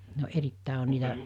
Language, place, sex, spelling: Finnish, Mikkeli, female, no erittäin oli niitä
- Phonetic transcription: no 'erittä̀i oĺ niitä ,.

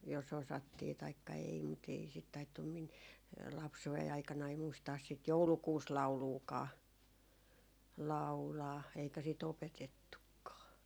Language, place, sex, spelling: Finnish, Jaala, female, jos osattiin taikka ei mutta ei sitä taidettu minun lapsuuden aikanani muistaa sitä joulukuusilauluakaan laulaa eikä sitä opetettukaan
- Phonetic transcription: jos osattii taikka ei mut ‿ei sit 'taittum min , 'lapsu₍ei aikanai 'muistaas sit "joulukuus'lau̬luukaa , 'lau̬laa , eikä si't ‿opetettukkaa .

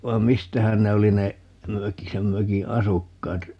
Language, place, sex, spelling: Finnish, Paavola, male, vai mistähän ne oli ne mökin sen mökin asukkaat
- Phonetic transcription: 'vai̮m "mistähän 'ne oli ne , 'möki 'sem 'möki "asukkaat ?

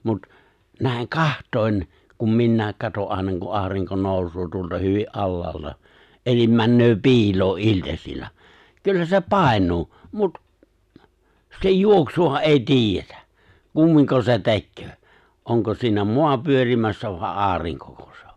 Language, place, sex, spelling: Finnish, Lapinlahti, male, mutta näin katsoen kun minäkin katson aina kun aurinko nousee tuolta hyvin alhaalta eli menee piiloon iltasilla kyllä se painuu mutta sen juoksuahan ei tiedetä kummin se tekee onko siinä maa pyörimässä vai aurinkoko se on
- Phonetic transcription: mut , 'nä̀i̬ŋ "kaht̀oi̬n , kum 'minnä̀ek 'kato '’ài̬na ku’ '’aariŋko 'nòusoo tuolta 'hyvi’ "’allaalta , elim 'männöö "pi̬iloo’ '’iĺtaśil̆la , 'kyllä se "pàeǹuu , 'mut , 'sej "juoksu₍aha '’ei "tiijjetä , 'kummiŋko se "te̬kköö , '’oŋko siinä "moa 'pyörimässä vài̬ "’aariŋkoko se ‿o .

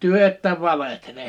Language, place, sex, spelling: Finnish, Liperi, male, te ette valehtele
- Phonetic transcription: 'työ että "valehtele .

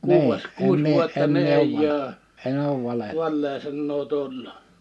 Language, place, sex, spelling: Finnish, Liperi, male, kuudes kuusi vuotta niin ei ole vale sanaa tullut
- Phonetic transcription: 'kuu₍es , 'kuus vuotta ni 'eij ‿oo , 'vallee sannoo tullu .

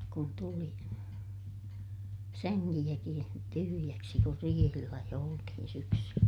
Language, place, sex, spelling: Finnish, Ilmajoki, female, kun tuli sängilläkin tyhjäksi kun riihillä jo oltiin syksyllä
- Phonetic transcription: kun tuli , säŋŋilläkiḭ , tyhyjäksi kur riihillä jo oltihin syksyllä .

